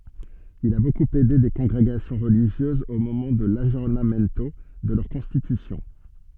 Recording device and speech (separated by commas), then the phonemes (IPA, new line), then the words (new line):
soft in-ear microphone, read sentence
il a bokup ɛde de kɔ̃ɡʁeɡasjɔ̃ ʁəliʒjøzz o momɑ̃ də laɡjɔʁnamɛnto də lœʁ kɔ̃stitysjɔ̃
Il a beaucoup aidé des congrégations religieuses au moment de l'aggiornamento de leurs constitutions.